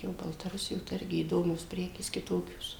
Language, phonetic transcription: Lithuanian, jo baltaˈrusijo tai ˈirgi įˈdomios ˈprekės kiˈtokios

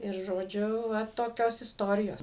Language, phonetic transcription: Lithuanian, ir žoˈdžiu ˈva toˈkios isˈtorijos

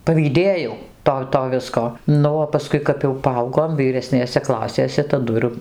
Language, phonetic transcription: Lithuanian, pavyˈdėjau ˈto ˈto ˈvisko ˈnu o paˈskui kap jau paˈaugom vyreˈsnėse ˈklasėse taˈdu ir

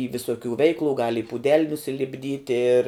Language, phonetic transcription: Lithuanian, y viˈsokių ˈveiklu gal i pūˈdel nusilipˈdyt' ir

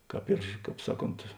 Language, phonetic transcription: Lithuanian, ˈkāp ir ˈkāp ˈsaˌkont

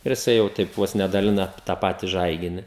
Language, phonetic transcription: Lithuanian, ir jiˈsai jau ˈteip ˈvos ne daˈlina tą ˈpati ˈžaigini

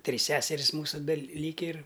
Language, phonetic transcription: Lithuanian, ˈtrys ˈseseris ˈmūsu beˈlyki ir

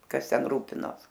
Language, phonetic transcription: Lithuanian, ˈkas ten ˈrūpinos

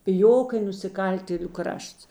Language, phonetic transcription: Lithuanian, piˈjok i nusiˈkaltėliu ˈkrašts

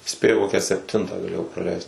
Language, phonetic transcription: Lithuanian, ˈspėju ˈkokią sepˈtintą gaˈlėjau praˈleist

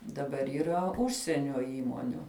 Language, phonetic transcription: Lithuanian, daˈbar yˈra ˈužsienio ˈįmoniu

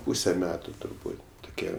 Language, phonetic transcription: Lithuanian, ˈpūse ˈmetu turˈbūt' tuˈkie

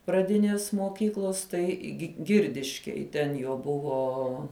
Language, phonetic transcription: Lithuanian, praˈdinės moˈkyklos ˈtai gi ˈgirdiškėj ten ˈjo ˈbuvo

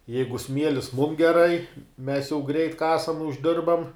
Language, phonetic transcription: Lithuanian, ˈjeigu ˈsmielis mum geˈrai mes jau greit ˈkasam užˈdirbam

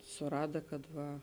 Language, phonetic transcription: Lithuanian, suˈrada kad ˈva

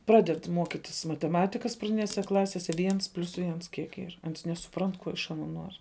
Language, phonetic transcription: Lithuanian, ˈpraded ˈmuokitis mateˈmatikas praˈdinėse ˈklasėse ˈviens plius ˈviens ˈkiek ˈyr ˈans nesuˈprant ˈkuo iš aˈnuo ˈnuor'

